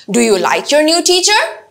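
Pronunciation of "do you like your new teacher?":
This yes/no question has rising intonation: it starts low and the voice gradually rises to a higher tone toward the end of the question.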